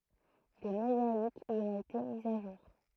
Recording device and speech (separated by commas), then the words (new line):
throat microphone, read sentence
Des mosaïques y ont été mises à jour.